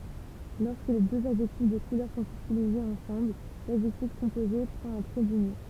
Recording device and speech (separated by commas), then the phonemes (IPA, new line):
temple vibration pickup, read sentence
lɔʁskə døz adʒɛktif də kulœʁ sɔ̃t ytilizez ɑ̃sɑ̃bl ladʒɛktif kɔ̃poze pʁɑ̃t œ̃ tʁɛ dynjɔ̃